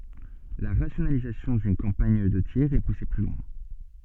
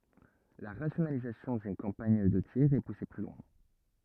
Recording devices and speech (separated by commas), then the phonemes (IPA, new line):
soft in-ear microphone, rigid in-ear microphone, read sentence
la ʁasjonalizasjɔ̃ dyn kɑ̃paɲ də tiʁ ɛ puse ply lwɛ̃